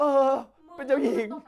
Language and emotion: Thai, happy